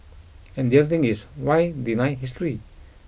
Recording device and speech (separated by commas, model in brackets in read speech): boundary microphone (BM630), read sentence